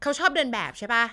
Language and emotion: Thai, neutral